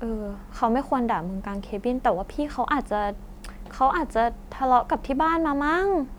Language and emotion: Thai, neutral